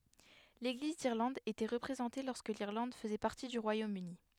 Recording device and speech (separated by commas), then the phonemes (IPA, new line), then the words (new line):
headset microphone, read sentence
leɡliz diʁlɑ̃d etɛ ʁəpʁezɑ̃te lɔʁskə liʁlɑ̃d fəzɛ paʁti dy ʁwajomøni
L'Église d'Irlande était représentée lorsque l'Irlande faisait partie du Royaume-Uni.